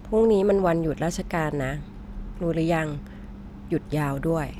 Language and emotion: Thai, neutral